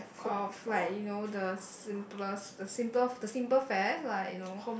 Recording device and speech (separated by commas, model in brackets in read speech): boundary microphone, conversation in the same room